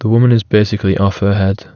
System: none